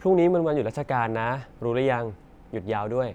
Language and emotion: Thai, neutral